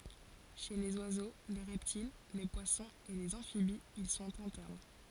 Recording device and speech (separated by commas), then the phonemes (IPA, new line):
forehead accelerometer, read sentence
ʃe lez wazo le ʁɛptil le pwasɔ̃z e lez ɑ̃fibiz il sɔ̃t ɛ̃tɛʁn